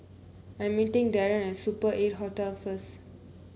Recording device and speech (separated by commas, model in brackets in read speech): mobile phone (Samsung C9), read sentence